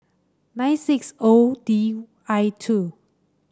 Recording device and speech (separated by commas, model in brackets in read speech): standing microphone (AKG C214), read sentence